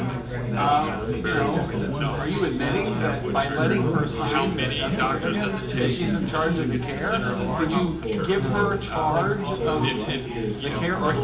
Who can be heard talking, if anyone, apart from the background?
No one.